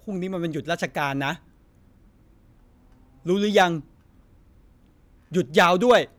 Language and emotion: Thai, frustrated